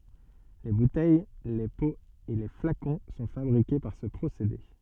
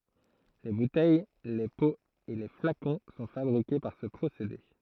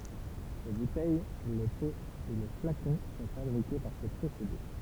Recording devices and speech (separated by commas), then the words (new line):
soft in-ear microphone, throat microphone, temple vibration pickup, read sentence
Les bouteilles, les pots et les flacons sont fabriqués par ce procédé.